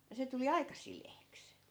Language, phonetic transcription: Finnish, ja se tuli "aika 'sileeks .
- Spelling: ja se tuli aika sileäksi

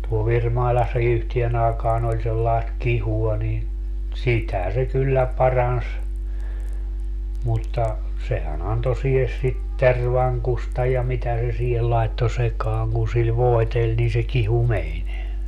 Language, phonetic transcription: Finnish, tuo 'Virmailassa 'yhtien ‿aakaan ‿oĺ sellaest "kihua niin , "sitä se 'kyllä 'parans , mutta , 'sehän ‿anto 'sihes sit "tervaŋkusta ja 'mitä se siihel laetto 'sekaaŋ kun sil "voeteĺ nii se 'kihu "meń .
- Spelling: tuolla Virmailassa yhteen aikaan oli sellaista kihua niin sitä se kyllä paransi mutta sehän antoi siihen sitä tervankusta ja mitä se siihen laittoi sekaan kun sillä voiteli niin se kihu meni

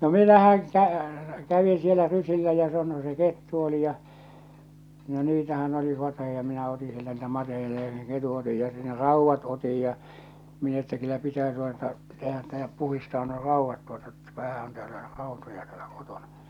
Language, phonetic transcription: Finnish, no 'minähäŋ kä- , 'kävin̬ sielä 'rysillä ja (samon) se 'kettu oli ja , no 'niitähän oli 'mateheᴊᴀ ja minä oti sieltä niitä 'mateheᴊᴀ ja se ̳ 'ketu otij ja sen "rauvvat otij ja , min ‿että kyllä pitää tuota , tehä -ttᴀ̈ ja 'puhistaa nuo "rauvvat 'tuota ‿ttä 'vähä on täälä , 'ràotoja tᴀ̈ᴀ̈ʟᴀ̈ kotᴏɴᴀ .
- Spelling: no minähän - kävin siellä rysillä ja samoin se kettu oli ja no niitähän oli mateita ja minä otin sieltä niitä mateita ja sen ketun otin ja sen raudat otin ja minä että kyllä pitää tuota tehdä että ja puhdistaa nuo raudat tuota että vähän on täällä rautoja täällä kotona

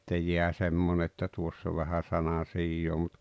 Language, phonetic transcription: Finnish, ᵗse 'jeä 'semmon ‿että 'tuoss ‿o vähä 'sanan̬sijjoo mut ,.
- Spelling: se jää semmoinen että tuossa on vähän sanansijaa mutta

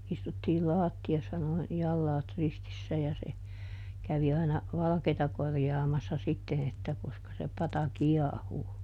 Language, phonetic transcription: Finnish, ˈistuttii ˈlaatti₍assa noin , ˈjallaat ristissä ja se , ˈkävi aina , ˈvalᵃkeeta ˈkorjaamassa ˈsitten ‿että ˈkoska se ˈpata "kiahuu .
- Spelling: istuttiin lattiassa noin jalat ristissä ja se kävi aina valkeata korjaamassa sitten että koska se pata kiehuu

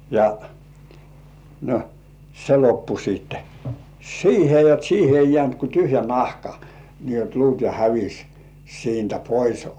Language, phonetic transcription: Finnish, ja , no , 'se loppu siitte , "siihe jot 'siihe ei 'jĕä̀nt ku 'tyhjä "nahka , nii jot 'luut ja "hävis siintä 'pois .
- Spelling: ja no se loppui sitten siihen jotta siihen ei jäänyt kuin tyhjä nahka niin jotta luut ja hävisi siitä pois

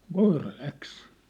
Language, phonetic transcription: Finnish, nŏ "koira "läks !
- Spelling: no koira lähti

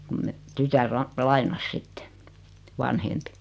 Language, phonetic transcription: Finnish, kum me , 'tytär la- , "lainas 'sitte , "vanhempi .
- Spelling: kun me tytär - lainasi sitten vanhempi

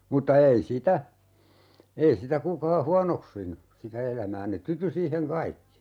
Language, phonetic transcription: Finnish, 'mutta "ei sitä , 'ei sitä 'kukaa "huanoksinu 'sitä "elämää ne "tyty 'siiheŋ 'kaikki .
- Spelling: mutta ei sitä ei sitä kukaan huonoksinut sitä elämää ne tyytyi siihen kaikki

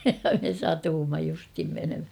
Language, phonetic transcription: Finnish, ja me 'satuumma justhim menemhä .
- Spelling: ja me satuimme justiin menemään

